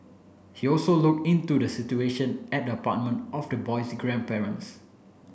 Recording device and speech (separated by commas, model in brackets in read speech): boundary microphone (BM630), read sentence